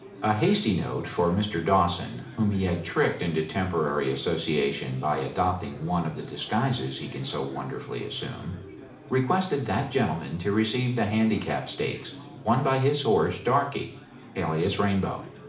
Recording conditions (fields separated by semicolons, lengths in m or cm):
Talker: one person; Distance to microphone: 2.0 m; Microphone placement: close; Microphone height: 99 cm; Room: medium-sized (5.7 m by 4.0 m); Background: babble